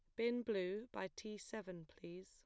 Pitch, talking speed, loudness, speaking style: 210 Hz, 175 wpm, -45 LUFS, plain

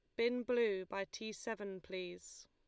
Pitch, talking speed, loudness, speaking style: 210 Hz, 160 wpm, -40 LUFS, Lombard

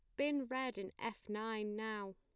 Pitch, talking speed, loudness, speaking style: 220 Hz, 185 wpm, -41 LUFS, plain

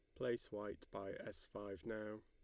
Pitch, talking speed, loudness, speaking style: 105 Hz, 175 wpm, -48 LUFS, Lombard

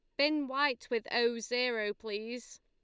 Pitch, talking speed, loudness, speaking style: 240 Hz, 150 wpm, -33 LUFS, Lombard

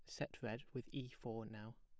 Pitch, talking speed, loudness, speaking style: 115 Hz, 225 wpm, -49 LUFS, plain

